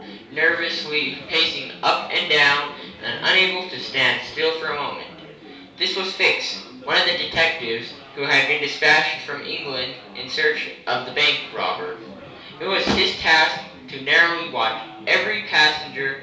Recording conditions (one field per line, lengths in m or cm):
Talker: one person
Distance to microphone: 3.0 m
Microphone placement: far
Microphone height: 1.8 m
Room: small (3.7 m by 2.7 m)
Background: babble